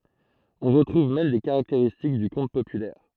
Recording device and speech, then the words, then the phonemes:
throat microphone, read sentence
On retrouve même des caractéristiques du conte populaire.
ɔ̃ ʁətʁuv mɛm de kaʁakteʁistik dy kɔ̃t popylɛʁ

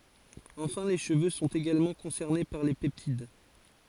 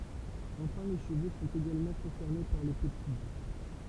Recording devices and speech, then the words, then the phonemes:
forehead accelerometer, temple vibration pickup, read sentence
Enfin les cheveux sont également concernés par les peptides.
ɑ̃fɛ̃ le ʃəvø sɔ̃t eɡalmɑ̃ kɔ̃sɛʁne paʁ le pɛptid

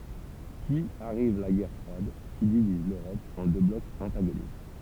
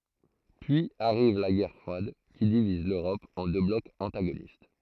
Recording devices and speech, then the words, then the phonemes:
temple vibration pickup, throat microphone, read sentence
Puis arrive la guerre froide, qui divise l’Europe en deux blocs antagonistes.
pyiz aʁiv la ɡɛʁ fʁwad ki diviz løʁɔp ɑ̃ dø blɔkz ɑ̃taɡonist

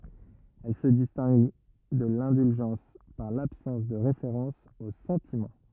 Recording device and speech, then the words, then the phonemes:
rigid in-ear microphone, read sentence
Elle se distingue de l'indulgence par l'absence de référence aux sentiments.
ɛl sə distɛ̃ɡ də lɛ̃dylʒɑ̃s paʁ labsɑ̃s də ʁefeʁɑ̃s o sɑ̃timɑ̃

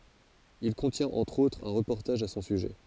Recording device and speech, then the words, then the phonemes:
forehead accelerometer, read sentence
Il contient entre autres un reportage à son sujet.
il kɔ̃tjɛ̃t ɑ̃tʁ otʁz œ̃ ʁəpɔʁtaʒ a sɔ̃ syʒɛ

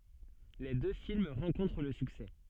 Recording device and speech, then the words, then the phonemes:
soft in-ear microphone, read sentence
Les deux films rencontrent le succès.
le dø film ʁɑ̃kɔ̃tʁ lə syksɛ

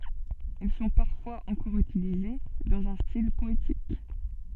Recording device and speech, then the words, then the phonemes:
soft in-ear microphone, read sentence
Ils sont parfois encore utilisés dans un style poétique.
il sɔ̃ paʁfwaz ɑ̃kɔʁ ytilize dɑ̃z œ̃ stil pɔetik

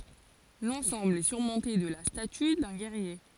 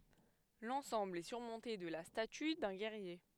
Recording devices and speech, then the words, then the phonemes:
forehead accelerometer, headset microphone, read sentence
L'ensemble est surmonté de la statue d'un guerrier.
lɑ̃sɑ̃bl ɛ syʁmɔ̃te də la staty dœ̃ ɡɛʁje

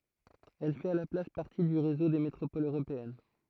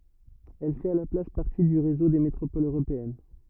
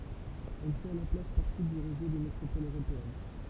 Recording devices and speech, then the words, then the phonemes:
throat microphone, rigid in-ear microphone, temple vibration pickup, read sentence
Elle fait à la place partie du réseau des métropoles européennes.
ɛl fɛt a la plas paʁti dy ʁezo de metʁopolz øʁopeɛn

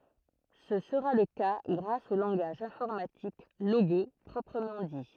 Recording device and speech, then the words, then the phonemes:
throat microphone, read sentence
Ce sera le cas grâce au langage informatique Logo proprement dit.
sə səʁa lə ka ɡʁas o lɑ̃ɡaʒ ɛ̃fɔʁmatik loɡo pʁɔpʁəmɑ̃ di

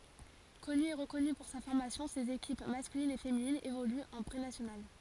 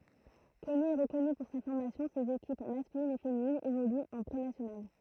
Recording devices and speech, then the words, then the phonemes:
forehead accelerometer, throat microphone, read sentence
Connu et reconnu pour sa formation ses équipes masculine et féminine évoluent en Prénationale.
kɔny e ʁəkɔny puʁ sa fɔʁmasjɔ̃ sez ekip maskylin e feminin evolyt ɑ̃ pʁenasjonal

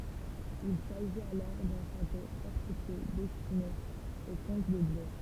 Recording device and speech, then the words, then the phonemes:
temple vibration pickup, read sentence
Il s'agit alors d'un château fortifié destiné aux comtes de Blois.
il saʒit alɔʁ dœ̃ ʃato fɔʁtifje dɛstine o kɔ̃t də blwa

